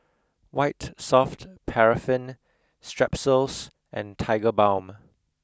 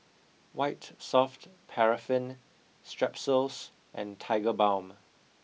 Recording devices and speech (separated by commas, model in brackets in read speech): close-talking microphone (WH20), mobile phone (iPhone 6), read sentence